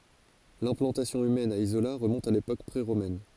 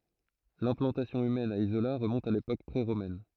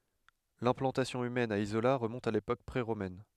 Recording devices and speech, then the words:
forehead accelerometer, throat microphone, headset microphone, read sentence
L'implantation humaine à Isola remonte à l'époque pré-romaine.

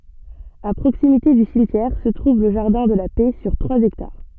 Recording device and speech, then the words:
soft in-ear microphone, read sentence
À proximité du cimetière se trouve le jardin de la Paix sur trois hectares.

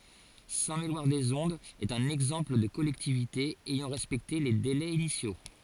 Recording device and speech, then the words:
forehead accelerometer, read sentence
Saint-Méloir-des-Ondes est un exemple de collectivité ayant respecté les délais initiaux.

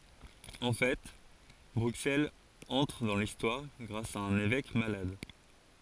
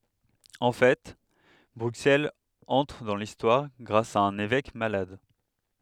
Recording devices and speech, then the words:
forehead accelerometer, headset microphone, read sentence
En fait, Bruxelles entre dans l'histoire grâce à un évêque malade.

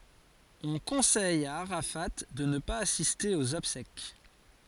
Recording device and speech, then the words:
forehead accelerometer, read sentence
On conseille à Arafat de ne pas assister aux obsèques.

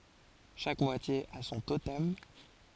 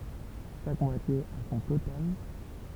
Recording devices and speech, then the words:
forehead accelerometer, temple vibration pickup, read sentence
Chaque moitié a son totem.

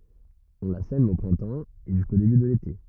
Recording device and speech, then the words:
rigid in-ear microphone, read sentence
On la sème au printemps, et jusqu'au début de l'été.

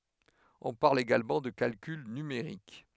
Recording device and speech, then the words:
headset microphone, read sentence
On parle également de calcul numérique.

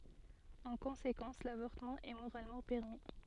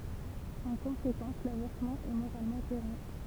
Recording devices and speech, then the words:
soft in-ear microphone, temple vibration pickup, read sentence
En conséquence, l'avortement est moralement permis.

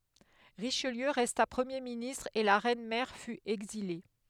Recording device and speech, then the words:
headset microphone, read sentence
Richelieu resta Premier ministre et la reine mère fut exilée.

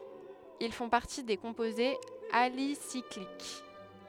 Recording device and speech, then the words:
headset microphone, read sentence
Ils font partie des composés alicycliques.

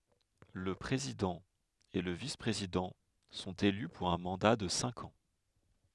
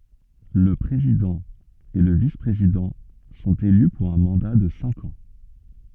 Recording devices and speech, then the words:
headset microphone, soft in-ear microphone, read sentence
Le président et le vice-président sont élus pour un mandat de cinq ans.

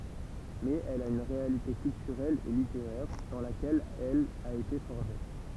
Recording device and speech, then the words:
temple vibration pickup, read sentence
Mais elle a une réalité culturelle et littéraire, dans laquelle elle a été forgée.

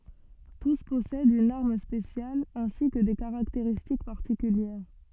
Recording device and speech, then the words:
soft in-ear microphone, read sentence
Tous possèdent une arme spéciale, ainsi que des caractéristiques particulières.

